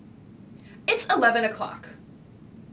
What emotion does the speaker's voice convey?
disgusted